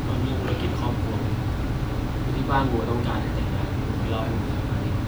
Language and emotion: Thai, frustrated